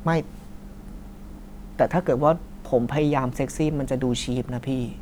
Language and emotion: Thai, frustrated